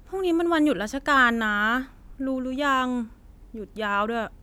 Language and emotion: Thai, frustrated